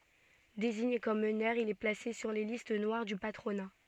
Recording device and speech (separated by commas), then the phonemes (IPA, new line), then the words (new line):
soft in-ear microphone, read sentence
deziɲe kɔm mənœʁ il ɛ plase syʁ le list nwaʁ dy patʁona
Désigné comme meneur, il est placé sur les listes noires du patronat.